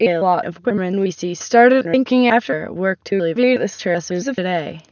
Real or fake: fake